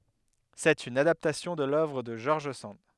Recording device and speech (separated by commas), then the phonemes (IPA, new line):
headset microphone, read sentence
sɛt yn adaptasjɔ̃ də lœvʁ də ʒɔʁʒ sɑ̃d